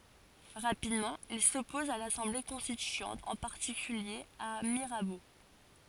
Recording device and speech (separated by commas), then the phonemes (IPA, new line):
forehead accelerometer, read sentence
ʁapidmɑ̃ il sɔpɔz a lasɑ̃ble kɔ̃stityɑ̃t ɑ̃ paʁtikylje a miʁabo